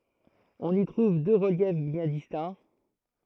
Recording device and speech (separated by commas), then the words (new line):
throat microphone, read sentence
On y trouve deux reliefs bien distincts.